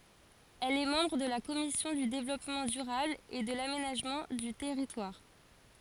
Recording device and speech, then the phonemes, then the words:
forehead accelerometer, read sentence
ɛl ɛ mɑ̃bʁ də la kɔmisjɔ̃ dy devlɔpmɑ̃ dyʁabl e də lamenaʒmɑ̃ dy tɛʁitwaʁ
Elle est membre de la Commission du Développement durable et de l'Aménagement du territoire.

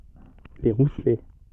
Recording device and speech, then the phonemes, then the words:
soft in-ear microphone, read sentence
le ʁuslɛ
Les Rousselets.

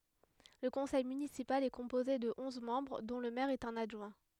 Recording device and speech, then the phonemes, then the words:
headset microphone, read sentence
lə kɔ̃sɛj mynisipal ɛ kɔ̃poze də ɔ̃z mɑ̃bʁ dɔ̃ lə mɛʁ e œ̃n adʒwɛ̃
Le conseil municipal est composé de onze membres dont le maire et un adjoint.

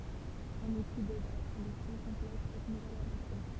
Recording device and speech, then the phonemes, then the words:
temple vibration pickup, read sentence
œ̃n uti dɛd a la tʁadyksjɔ̃ kɔ̃plɛt sɛt nuvɛl avɑ̃se
Un outil d'aide à la traduction complète cette nouvelle avancée.

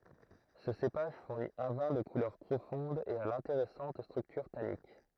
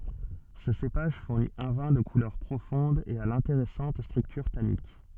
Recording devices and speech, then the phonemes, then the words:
throat microphone, soft in-ear microphone, read sentence
sə sepaʒ fuʁni œ̃ vɛ̃ də kulœʁ pʁofɔ̃d e a lɛ̃teʁɛsɑ̃t stʁyktyʁ tanik
Ce cépage fournit un vin de couleur profonde et à l’intéressante structure tannique.

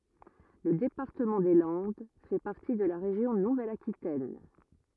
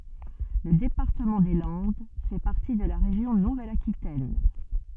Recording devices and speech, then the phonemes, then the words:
rigid in-ear microphone, soft in-ear microphone, read sentence
lə depaʁtəmɑ̃ de lɑ̃d fɛ paʁti də la ʁeʒjɔ̃ nuvɛl akitɛn
Le département des Landes fait partie de la région Nouvelle-Aquitaine.

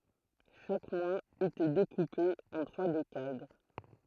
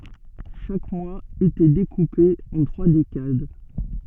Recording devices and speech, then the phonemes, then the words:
throat microphone, soft in-ear microphone, read sentence
ʃak mwaz etɛ dekupe ɑ̃ tʁwa dekad
Chaque mois était découpé en trois décades.

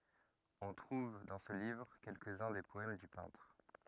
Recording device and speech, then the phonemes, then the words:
rigid in-ear microphone, read sentence
ɔ̃ tʁuv dɑ̃ sə livʁ kɛlkəz œ̃ de pɔɛm dy pɛ̃tʁ
On trouve dans ce livre quelques-uns des poèmes du peintre.

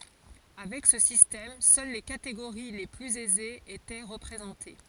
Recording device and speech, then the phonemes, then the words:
forehead accelerometer, read sentence
avɛk sə sistɛm sœl le kateɡoʁi le plyz ɛzez etɛ ʁəpʁezɑ̃te
Avec ce système, seules les catégories les plus aisées étaient représentées.

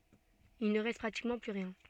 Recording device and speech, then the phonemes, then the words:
soft in-ear microphone, read sentence
il nə ʁɛst pʁatikmɑ̃ ply ʁjɛ̃
Il ne reste pratiquement plus rien.

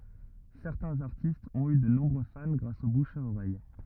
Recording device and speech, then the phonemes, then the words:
rigid in-ear microphone, read sentence
sɛʁtɛ̃z aʁtistz ɔ̃t y də nɔ̃bʁø fan ɡʁas o buʃ a oʁɛj
Certains artistes ont eu de nombreux fans grâce au bouche à oreille.

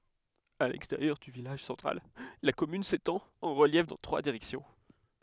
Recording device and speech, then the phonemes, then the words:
headset microphone, read sentence
a lɛksteʁjœʁ dy vilaʒ sɑ̃tʁal la kɔmyn setɑ̃t ɑ̃ ʁəljɛf dɑ̃ tʁwa diʁɛksjɔ̃
À l'extérieur du village central, la commune s'étend en reliefs dans trois directions.

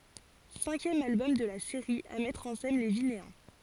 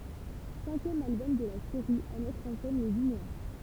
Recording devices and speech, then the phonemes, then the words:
forehead accelerometer, temple vibration pickup, read sentence
sɛ̃kjɛm albɔm də la seʁi a mɛtʁ ɑ̃ sɛn le vineɛ̃
Cinquième album de la série à mettre en scène les Vinéens.

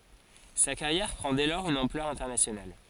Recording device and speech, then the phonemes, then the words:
forehead accelerometer, read sentence
sa kaʁjɛʁ pʁɑ̃ dɛ lɔʁz yn ɑ̃plœʁ ɛ̃tɛʁnasjonal
Sa carrière prend dès lors une ampleur internationale.

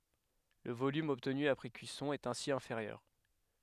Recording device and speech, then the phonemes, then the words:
headset microphone, read sentence
lə volym ɔbtny apʁɛ kyisɔ̃ ɛt ɛ̃si ɛ̃feʁjœʁ
Le volume obtenu après cuisson est ainsi inférieur.

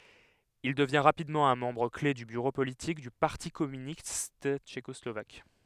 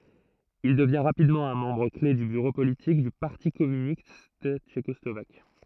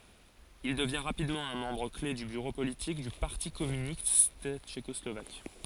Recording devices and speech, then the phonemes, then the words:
headset microphone, throat microphone, forehead accelerometer, read sentence
il dəvjɛ̃ ʁapidmɑ̃ œ̃ mɑ̃bʁ kle dy byʁo politik dy paʁti kɔmynist tʃekɔslovak
Il devient rapidement un membre clef du bureau politique du Parti communiste tchécoslovaque.

